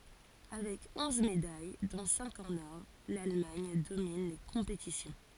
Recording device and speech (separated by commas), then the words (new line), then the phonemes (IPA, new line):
forehead accelerometer, read sentence
Avec onze médailles, dont cinq en or, l'Allemagne domine les compétitions.
avɛk ɔ̃z medaj dɔ̃ sɛ̃k ɑ̃n ɔʁ lalmaɲ domin le kɔ̃petisjɔ̃